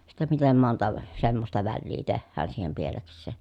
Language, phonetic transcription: Finnish, sitte mitem monta , semmosta vällii tehhään siihem pieleks̆sè ,.
- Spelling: sitten miten monta semmoista väliä tehdään siihen pielekseen

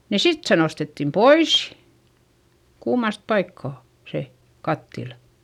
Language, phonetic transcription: Finnish, ni sit se nostettim pois , kuumast paikkà , se , kattilA .
- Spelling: niin sitten se nostettiin pois kuumasta paikkaa se kattila

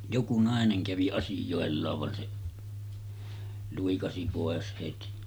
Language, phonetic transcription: Finnish, joku 'nàeneŋ kävi 'asijòellaav van se , 'luikasi pòes heti .
- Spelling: joku nainen kävi asioillaan vaan se luikasi pois heti

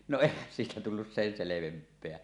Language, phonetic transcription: Finnish, no 'èihän siitä tullus sen "selevemp̆peä .
- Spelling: no eihän siitä tullut sen selvempää

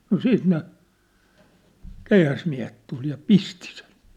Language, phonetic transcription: Finnish, no 'siit ne , "keihäsmiä̭het tul ja "pisti sen̬ .
- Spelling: no sitten ne keihäsmiehet tuli ja pisti sen

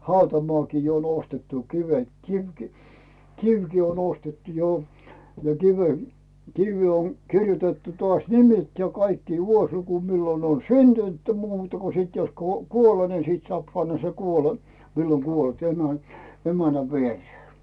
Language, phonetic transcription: Finnish, 'hautamoàki jo on 'ostettu , kivet , "kivki , "kivki on ‿ostettu 'jo , ja 'kive- , 'kivvee on , kirjutettu toàś "nimet ja 'kaikki 'vuosluku millo on "syntynt muuta ko 'sìt jos "kuo- , "kuole ni 'sìt soàp panna sen 'kuole- , millo 'kuolt emä- , "emänä 'vieree .
- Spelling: hautamaakin jo on ostettu kivet kivikin kivikin on ostettu jo ja - kiveen on kirjoitettu taas nimet ja kaikki vuosiluku milloin on syntynyt muuta kun sitten jos - kuolen niin sitten saa panna sen - milloin kuollut - emännän viereen

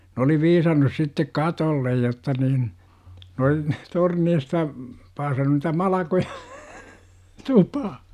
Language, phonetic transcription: Finnish, n ‿oli "viisannus 'sittek "katollej jotta niin , ne ol- , 'torneista , paasannu nitä "malakoJA , 'tupah- .
- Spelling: ne oli viisannut sitten katolle jotta niin ne oli torneista paasannut niitä malkoja tupaan

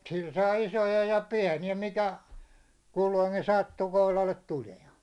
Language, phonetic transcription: Finnish, sil saa "isoja ja "piä̭ni₍ä mikä , 'kulloiŋkin sattu 'kohlallet 'tulia̭ṋ .
- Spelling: sillä saa isoja ja pieniä mikä kulloinkin sattui kohdalle tulemaan

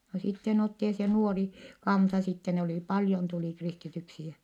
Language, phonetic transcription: Finnish, no sitten ‿otti ja se nuori , kansa sitte - ne olì paljon tulì kristityksi jä ,.
- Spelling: no sitten otti ja se nuori kanssa sitten ne oli paljon tuli kristityksi ja

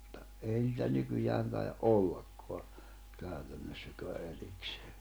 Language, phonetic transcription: Finnish, [mut]ta , ei nitä 'nykyjään tai₍a’ "’ollakkoa , kä̀ytännossä(köä) '’eriksᴇᴇ .
- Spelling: mutta ei niitä nykyään taida ollakaan käytännössäkään erikseen

